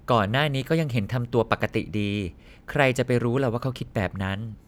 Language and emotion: Thai, neutral